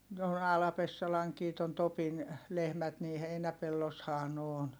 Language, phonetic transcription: Finnish, no , Ala-Pessalaŋkii ton Topin , lehmät nii heinäpelloshaa n ‿oon .
- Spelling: no Ala-Pessalankin tuon Topin lehmät niin heinäpellossahan ne on

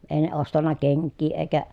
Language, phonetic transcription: Finnish, èi̮ ne ostanna keŋkkii èi̮kä ,.
- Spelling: ei ne ostanut kenkiä eikä

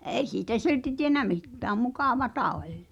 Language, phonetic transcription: Finnish, 'e̬i siitä "silti tienä 'mittääm "mukàvata 'oĺ .
- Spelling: ei siitä silti tiennyt mitään mukavaa oli

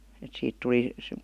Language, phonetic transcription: Finnish, et 'siit 'tuli ,.
- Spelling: että siitä tuli

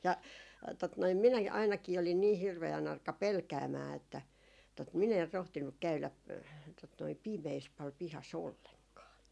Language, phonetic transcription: Finnish, ja , tot noim 'minäki ainakii olin nii 'hirve₍ä'n ‿arka "pelkäämää että , tot 'min ‿er 'rohtinnuk 'käylä , tot noi "pimees pal 'pihas "olleŋkaa .
- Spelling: ja tuota noin minäkin ainakin olin niin hirveän arka pelkäämään että tuota minä en rohtinut käydä tuota noin pimeässä paljon pihassa ollenkaan

